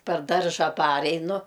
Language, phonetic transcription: Lithuanian, per ˈdarža ˈpareinu

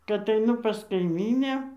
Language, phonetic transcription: Lithuanian, kad aiˈnu pas kaiˈmynę

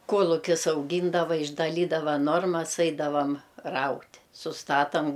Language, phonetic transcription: Lithuanian, ˈkuolukis auˈgyndava išdaˈlydava ˈnormas ˈaidavam ˈraut' susˈtatam

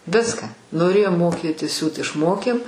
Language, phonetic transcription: Lithuanian, ˈviską noˈrėjom ˈmoˌkėti ˈsiūt išˈmokėm

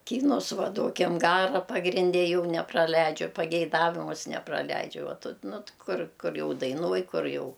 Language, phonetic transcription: Lithuanian, ˈkynus ˈva ˈduokim ˈgara pagrinˈde ˈjau nepraˈleidžiu pageiˈdavimus nepraˈleidžiu ˈva ˈtu ˈnu t ˈkur ˈkur ˈjau daiˈnuoj ˈkur ˈjau

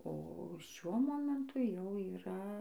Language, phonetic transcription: Lithuanian, o ˈšiuo ˈmomentu jau yˈra

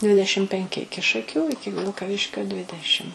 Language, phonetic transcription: Lithuanian, ˈdvidešim penˈki ˈiki šaˈkių ˈiki vilkaˈviškio ˈdvidešim

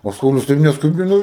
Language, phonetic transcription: Lithuanian, o ˈsaulius ˈtaip nesˈkubino

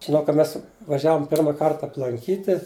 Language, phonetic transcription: Lithuanian, žiˈnau ka ˈmes vaˈžiavom ˈpirma ˈkart aplanˈkyti

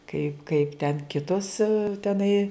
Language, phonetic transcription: Lithuanian, kaip kaip ten ˈkitos teˈnai

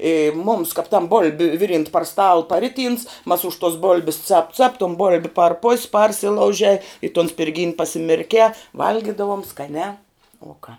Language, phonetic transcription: Lithuanian, ė mums kap tam bolb' ˈviˌrynt par stal paˈriˌtyns mas už tuos ˈbol'bis cap cap ton ˈbol'bi par pos' ˈparsilaužei i ton spirˈgyn' pasimirˈkē ˈvalgidavom skaˈniā u ką

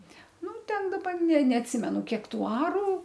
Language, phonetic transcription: Lithuanian, ˈnu ˈten daˈba ne neatˈsimenu ˈkiek ˈtų ˈarų

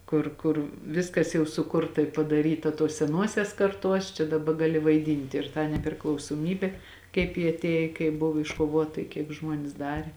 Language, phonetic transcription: Lithuanian, ˈkur kur ˈviskas jau suˈkurta i padaˈryta tuos seˈnuosias karˈtuos čia daˈba gaˈli vaiˈdynti ir tą nepriklausˈomybė kaip ji atˈėj kaip ˈbuvu iškoˈvuota i kiek ˈžmuonės ˈdarė

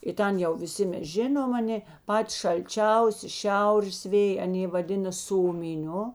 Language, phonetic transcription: Lithuanian, i ˈten jau viˈsi ˈmes ˈžinom aˈnė ˈpati šalˈčiausi ˈšiaurės ˈvėj aˈnė vaˈdina ˈsomiˌniu

